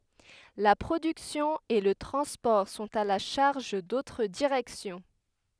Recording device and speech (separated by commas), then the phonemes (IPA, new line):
headset microphone, read sentence
la pʁodyksjɔ̃ e lə tʁɑ̃spɔʁ sɔ̃t a la ʃaʁʒ dotʁ diʁɛksjɔ̃